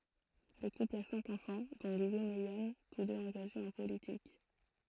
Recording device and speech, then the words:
throat microphone, read sentence
Le couple a cinq enfants, dont Guillaume et Yann, tous deux engagés en politique.

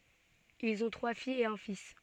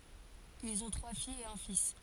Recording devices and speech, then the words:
soft in-ear microphone, forehead accelerometer, read sentence
Ils ont trois filles et un fils.

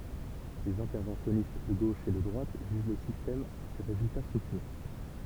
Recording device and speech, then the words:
temple vibration pickup, read sentence
Les interventionnistes de gauche et de droite jugent le système à ses résultats sociaux.

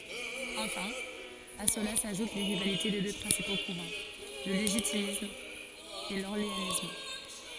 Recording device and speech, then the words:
forehead accelerometer, read sentence
Enfin, à cela s’ajoutent les rivalités des deux principaux courants, le légitimiste et l’orléaniste.

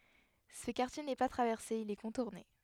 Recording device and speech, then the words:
headset microphone, read sentence
Ce quartier n’est pas traversé, il est contourné.

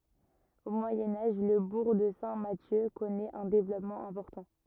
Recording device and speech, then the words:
rigid in-ear microphone, read sentence
Au Moyen Âge, le bourg de Saint-Mathieu connaît un développement important.

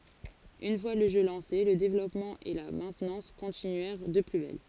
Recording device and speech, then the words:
forehead accelerometer, read sentence
Une fois le jeu lancé, le développement et la maintenance continuèrent de plus belle.

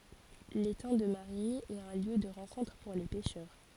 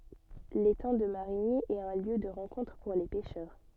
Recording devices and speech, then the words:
forehead accelerometer, soft in-ear microphone, read sentence
L'étang de Marigny est un lieu de rencontre pour les pêcheurs.

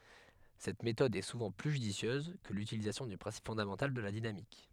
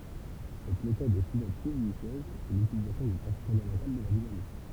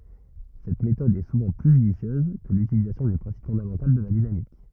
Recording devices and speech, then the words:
headset microphone, temple vibration pickup, rigid in-ear microphone, read sentence
Cette méthode est souvent plus judicieuse que l'utilisation du principe fondamental de la dynamique.

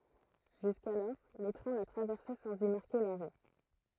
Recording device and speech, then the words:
throat microphone, read sentence
Jusqu'alors, les trains la traversaient sans y marquer l'arrêt.

